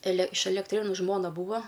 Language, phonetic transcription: Lithuanian, ele iš elekˈtrėnu ˈžmona ˈbūva

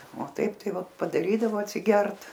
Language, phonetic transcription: Lithuanian, o ˈtaip ˈtai va padaˈrydavo atsiˈgert

